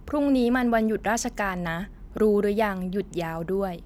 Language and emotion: Thai, neutral